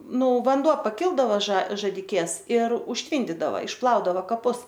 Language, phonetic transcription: Lithuanian, ˈnu vanˈduo paˈkildavo ža žadiˈkės ir užˈtvyndidava išˈplaudava kaˈpus

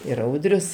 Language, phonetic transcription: Lithuanian, ir ˈaudrius

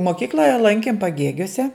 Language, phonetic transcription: Lithuanian, moˈkykloje ˈlankim paˈgėgiuose

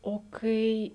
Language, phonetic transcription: Lithuanian, o ˈkai

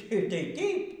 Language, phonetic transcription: Lithuanian, ˈtai ˈtai ˈtėip

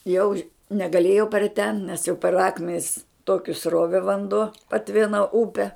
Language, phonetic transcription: Lithuanian, jau ž negaˈlėjau per ten nes jau per ˈakmenis ˈtoki ˈsrove vanˈduo paˈtvina ˈupe

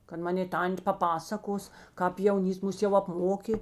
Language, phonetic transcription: Lithuanian, kad ˈmanė ˈtan't' paˈpasakos kāp jauˈnyst ˈmus jau apˈmokė

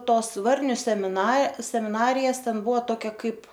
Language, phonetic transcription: Lithuanian, ˈtos ˈvarniu semiˈna semiˈnarijas ˈten ˈbuva ˈtokia ˈkaip

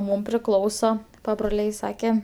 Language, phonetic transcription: Lithuanian, ˈmūm priˈklauso pabroˈliai ˈsake

